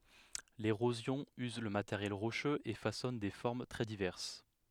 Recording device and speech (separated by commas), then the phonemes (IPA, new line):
headset microphone, read sentence
leʁozjɔ̃ yz lə mateʁjɛl ʁoʃøz e fasɔn de fɔʁm tʁɛ divɛʁs